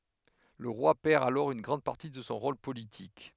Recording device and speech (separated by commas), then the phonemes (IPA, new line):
headset microphone, read sentence
lə ʁwa pɛʁ alɔʁ yn ɡʁɑ̃d paʁti də sɔ̃ ʁol politik